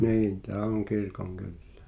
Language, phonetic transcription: Finnish, 'niin 'tää oŋ 'kirkoŋ"kyllᴇᴀ̈ .
- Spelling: niin tämä on kirkonkylää

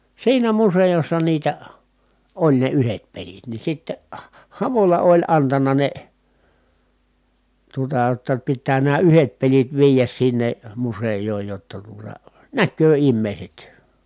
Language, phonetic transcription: Finnish, siinä musejossa niitä , oĺ ne yhet pelit ni sitte , Havola oĺ antana ne , tuotaa [j]otta » pittää nää yhet pelit viijäs sinnem musej̀ooj jotta tuota , näkköö immèi̮set » .
- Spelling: siinä museossa niitä oli ne yhdet pelit niin sitten Havola oli antanut ne tuotaa jotta pitää nämä yhdet pelit viedä sinne museoon jotta tuota näkee ihmiset

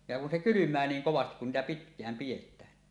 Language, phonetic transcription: Finnish, ja kun se "kylym̆mää 'niiŋ 'kovastik kun niitä pitk̀ääm 'piʲet̆tään .
- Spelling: ja kun se kylmää niin kovasti kun niitä pitkään pidetään

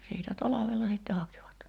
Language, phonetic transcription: Finnish, siitä 'talavella sìtte 'hakivat .
- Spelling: siitä talvella sitten hakivat

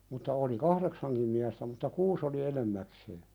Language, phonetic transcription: Finnish, mutta oli "kahðeksaŋkim miästä mutta "kuus oli 'enemmäksee .
- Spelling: mutta oli kahdeksankin miestä mutta kuusi oli enimmäkseen

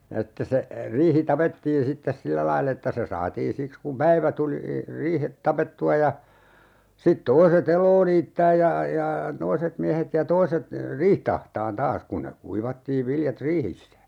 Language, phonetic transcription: Finnish, ja [s]ittes se , 'riihi "tapettiin 'sittes "sillä laill ‿että se 'saatiin̬ siks kum "päivä tuli , 'riihet "tapettu₍a ja , 'sit 'toise"t ‿eloo niittääj ja , ja , 'toiset 'miähet ja 'toiset , "riiht ‿ahtaan "taas 'kun ne 'kuivattiiv 'viljat "riihissä .
- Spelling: ja sitten se riihi tapettiin sitten sillä lailla että se saatiin siksi kun päivä tuli riihet tapettua ja sitten toiset eloa niittämään ja ja toiset miehet ja toiset riihtä ahtamaan taas kun ne kuivattiin viljat riihissä

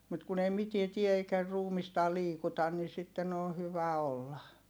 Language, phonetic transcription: Finnish, mut kun ‿ei mitie tie eikä ruumistaa liikutan nin sitten ‿on̬ hyvä olla .
- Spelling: mutta kun ei mitään tee eikä ruumistaan liikuta niin sitten on hyvä olla

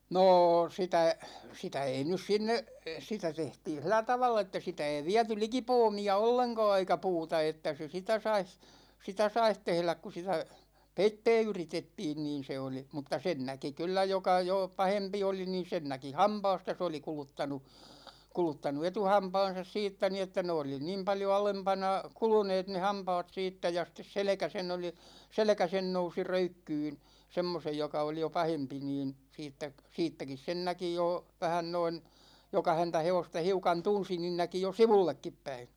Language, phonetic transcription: Finnish, nô 'sitä , 'sitä 'ei nys 'sinne , 'sitä 'tehtiin̬ "sil̆lä tavall ‿että 'sitä ei 'viäty "liki 'poomi₍a 'olleŋka̭a̭ eikä "puuta että se 'sitä sais , 'sitä saih "tehläk ku sitä , "peittɛɛ 'yritettiin 'niin̬ se oli , mutta 'sen 'näki 'kyllä 'joka jò , "pahempi oli niin̬ 'sen 'näki "hampaasta se oli 'kuluttanu , 'kuluttanu "etuhaampan̬sas 'siittä ni että ne oli "niim 'paljo 'alempana , 'kuluneet ne "hampaat 'siittä ja sⁱt̆tes "selᵉkä sen ‿oli , "selᵉkä 'sen nousi 'röykkyyn̬ , 'semmosej joka oli jo 'pahempi niin , 'siittäᵏ , 'siittäkis 'sen näki jò , 'vähän noin , 'joka 'häntä 'hevosta 'hiukan 'tunsi niin 'näki jo "sivullekkip päi .
- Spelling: no sitä sitä ei nyt sinne sitä tehtiin sillä tavalla että sitä ei viety liki puomia ollenkaan eikä puuta että se sitä saisi sitä saisi tehdä kun sitä peittää yritettiin niin se oli mutta sen näki kyllä joka jo pahempi oli niin sen näki hampaasta se oli kuluttanut kuluttanut etuhampaansa siitä niin että ne oli niin paljon alempana kuluneet ne hampaat siitä ja sitten selkä sen oli selkä sen nousi röykkyyn semmoisen joka oli jo pahempi niin siitäkin siitäkin sen näki jo vähän noin joka häntä hevosta hiukan tunsi niin näki jo sivullekin päin

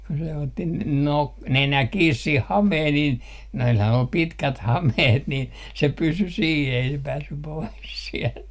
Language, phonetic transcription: Finnish, kun se otti n- , nok- , "nenä 'kiis 'sih "hameeh niin , noilhan ol "pitkät "hameht nin , se 'pysy sii ei se 'päässy pois siɛlt .
- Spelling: kun se otti - - nenä kiinni siihen hameeseen niin noillahan oli pitkät hameet niin se pysyi siinä ei se päässyt pois sieltä

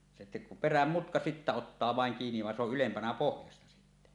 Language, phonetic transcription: Finnish, se 'peräm 'mutka sittä ottaa vàeŋ kiiniv va se ‿oˀ "ˀylempänä 'pohjasta sitte .
- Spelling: se perän mutka sitten ottaa vain kiinni vaan se on ylempänä pohjasta sitten

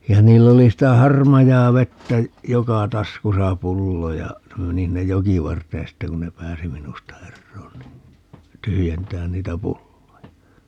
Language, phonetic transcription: Finnish, ja 'niill ‿oli 'sitä "harmajaavettä , "joka 'taskusa "pullo ja , (ne) 'meni sinnej "jokivart̀een 'sitte kun ne "pääsi 'minusta "erroon ni , 'tyhyjentään 'niitä "pulloja .
- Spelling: ja niillä oli sitä harmaavettä joka taskussa pullo ja ne meni sinne jokivarteen sitten kun ne pääsi minusta eroon niin tyhjentämään niitä pulloja

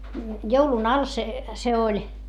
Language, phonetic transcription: Finnish, joulun al se , se oĺ .
- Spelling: joulun alla se se oli

